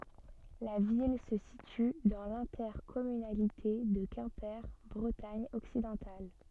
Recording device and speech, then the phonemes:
soft in-ear microphone, read sentence
la vil sə sity dɑ̃ lɛ̃tɛʁkɔmynalite də kɛ̃pe bʁətaɲ ɔksidɑ̃tal

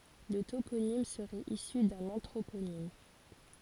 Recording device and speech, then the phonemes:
forehead accelerometer, read sentence
lə toponim səʁɛt isy dœ̃n ɑ̃tʁoponim

